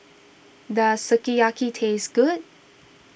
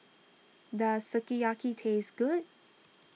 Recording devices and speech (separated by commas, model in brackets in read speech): boundary microphone (BM630), mobile phone (iPhone 6), read sentence